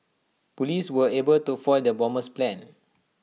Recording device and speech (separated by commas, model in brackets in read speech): mobile phone (iPhone 6), read sentence